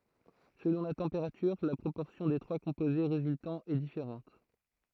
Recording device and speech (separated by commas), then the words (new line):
throat microphone, read sentence
Selon la température, la proportion des trois composés résultants est différente.